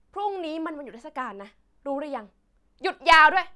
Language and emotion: Thai, angry